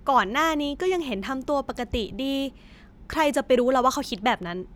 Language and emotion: Thai, neutral